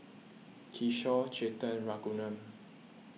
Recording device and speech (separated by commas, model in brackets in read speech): mobile phone (iPhone 6), read sentence